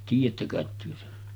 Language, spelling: Finnish, tiedätte kai te sen
- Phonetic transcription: 'tiij̆jättä kàet työ sen .

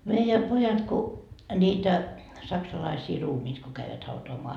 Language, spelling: Finnish, meidän pojat kun niitä saksalaisia ruumiita kun kävivät hautaamaan
- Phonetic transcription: meijä 'pojat ku , 'ńiitä , 'saksalaisii "ruumiit ko käivät 'hautoamoa .

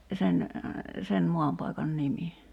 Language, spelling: Finnish, sen sen maanpaikan nimi
- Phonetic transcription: sen , 'sen 'moampaikan "nimi .

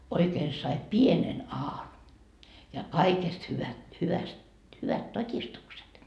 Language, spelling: Finnish, oikein sai pienen aan ja kaikesta hyvä hyvästi hyvät todistukset
- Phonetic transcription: oikeen sai "pienen 'aan , ja 'kaikest hyvä , 'hyväst , 'hyvät "tot́istukset .

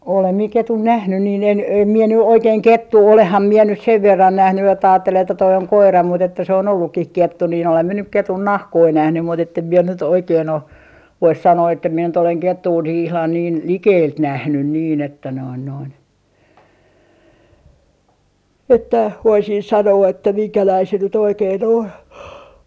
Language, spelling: Finnish, olen minä ketun nähnyt niin en en minä nyt oikein kettua olenhan minä nyt sen verran nähnyt että ajatteli että tuo on koira mutta että se on ollutkin kettu niin olen minä nyt ketun nahkoja nähnyt mutta että en minä nyt oikein ole voisi sanoa että minä nyt olen kettua niin ihan niin likeltä nähnyt niin että noin noin että voisin sanoa että minkälainen se nyt oikein on
- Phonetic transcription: 'olem mie 'ketun "nähny nii en , em mie ny 'oikeeŋ "kettuu 'olehham 'mie nys 'sev 'verran 'nähny että aattel ‿että » toi oŋ 'koira » mut ‿että se on 'ollukkih "kettu nin olem mie nyk 'ketun 'nahkoi 'nähny mut ‿ettem mie nyt oikeen ‿o , vois sanoo että mie nyt ‿oleŋ 'kettuu nii ihlan niin , "likeelt 'nähnyn niin ‿että noin noin , että voisin sanoo että 'miŋkäläi se nyt 'oikei'n ‿on .

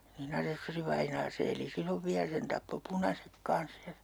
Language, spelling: Finnish, niin asessorivainaa se eli silloin vielä sen tappoi punaiset kanssa ja
- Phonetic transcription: ni'n ‿asessörivainaa 'se eli sillov 'viä 'sen tappo "punasek 'kans ja , .

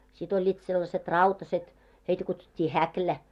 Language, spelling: Finnish, sitten olivat sellaiset rautaiset heitä kutsuttiin häkilä
- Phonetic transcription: sit oĺĺiit sellaset "rautaset , 'heitä kutsut́t́ii "häklä .

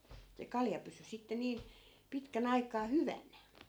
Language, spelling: Finnish, se kalja pysyi sitten niin pitkän aikaa hyvänä
- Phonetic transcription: se 'kalja pysy sitte 'nii(n) , 'pitkä'n ‿aik̀aa "hyvän̆nä .

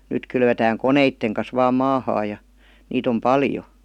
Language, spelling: Finnish, nyt kylvetään koneiden kanssa vain maahan ja niitä on paljon
- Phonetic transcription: 'nyt kylvetääŋ "koneitteŋ kas vaam "maahaa ja , 'niit ‿om "paljo .

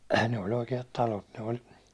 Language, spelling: Finnish, ne oli oikeat talot ne oli
- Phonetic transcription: ne o'l ‿oike₍at "talot , ne ol ,.

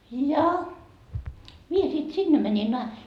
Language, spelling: Finnish, ja minä sitten sinne menin -
- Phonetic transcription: ja mie sit 'sinne mänin na- ,.

